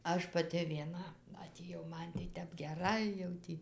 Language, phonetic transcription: Lithuanian, ˈaš paˈti vieˈna atėˈjau ˈman tai ˈtep geˈrai jau ˈtį

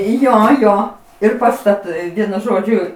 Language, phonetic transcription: Lithuanian, ˈjo ˈjo ir pastaˈtai ˈvienu ˈžodžiu

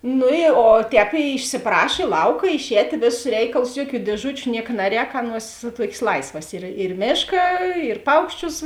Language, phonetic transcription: Lithuanian, ˈnu i o ˈtēp išsiˈpraš i ˈlauka išˈētė ˈvėˌsus ˈreikalus ˈjuoˌkių dieˈžučiu ˈnieka ˈnaˌrēk ˈaˌnuos ˈtuokės ˈlaisvas ir ir ˈmėška ir ˈpaukšˌčius

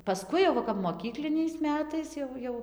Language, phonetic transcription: Lithuanian, paˈskui jau ˈva kap moˈkykliniais ˈmetais jau ˈjau

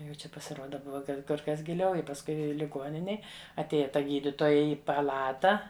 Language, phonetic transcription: Lithuanian, jau ˈčia pasiˈruoda ˈbuva ˈkad kur ˈkas giˈliau i pasˈkui liˈguoninėj atˈėja ˈta ˈgyditoja ˈi paˈlata

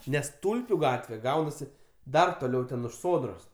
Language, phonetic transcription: Lithuanian, ˈnes ˈtulpiu ˈgatve ˈgaunasi ˈdar toˈliau ten už ˈsodros

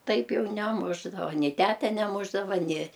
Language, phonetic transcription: Lithuanian, ˈtaip ˈjau neˈmušdava ni ˈtæte neˈmušdava ni

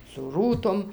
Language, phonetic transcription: Lithuanian, su ˈrūtom

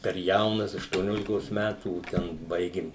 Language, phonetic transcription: Lithuanian, per ˈjaunas aštuoˈniolikosˈ mætų ˈten ˈbaigim

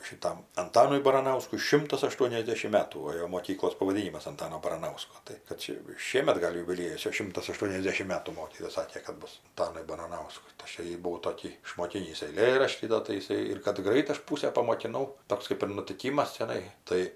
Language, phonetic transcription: Lithuanian, šiˈtam anˈtanui baranauskui ˈšimtas aˈštuoniasdešim ˈmetų o ˈjo moˈkyklos pavaˈdynimas anˈtano baraˈnausko ˈtai kad ˈčia jau ˈšiemet ˈgal' jubiˈliejus ˈčia ˈšimtas aˈštuoniasdešim ˈmetų ˈmokytoja ˈsakė kad ˈbus anˈtanui baraˈnauskui tai ˈaš jo ˈjį buˈvau toˈkį išmoˈkynįs eiˈlėraštį ˈdo tai iˈsai ir kad ˈgrait ˈaš ˈpūsę pamokiˈnau ˈtoks kaip ir nutiˈkymas čiaˈnai ˈtai

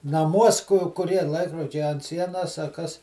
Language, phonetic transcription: Lithuanian, naˈmuos ku kuˈrie ˈlaikrodžiai ant ˈsienas a ˈkas

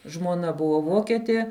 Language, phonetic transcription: Lithuanian, žmuoˈna ˈbuvo ˈvoketie

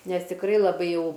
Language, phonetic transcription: Lithuanian, ˈnes tikˈrai laˈbai jau

